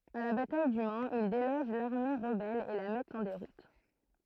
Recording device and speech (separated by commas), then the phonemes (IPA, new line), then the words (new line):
throat microphone, read sentence
a la bataj dy manz il deloʒ laʁme ʁəbɛl e la mɛtt ɑ̃ deʁut
À la bataille du Mans, ils délogent l'armée rebelle et la mettent en déroute.